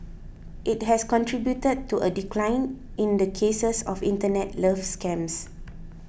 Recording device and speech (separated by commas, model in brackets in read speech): boundary microphone (BM630), read sentence